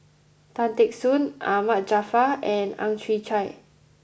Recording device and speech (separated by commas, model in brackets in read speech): boundary microphone (BM630), read sentence